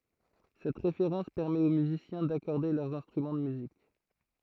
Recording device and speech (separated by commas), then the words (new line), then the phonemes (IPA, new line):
throat microphone, read sentence
Cette référence permet aux musiciens d'accorder leurs instruments de musique.
sɛt ʁefeʁɑ̃s pɛʁmɛt o myzisjɛ̃ dakɔʁde lœʁz ɛ̃stʁymɑ̃ də myzik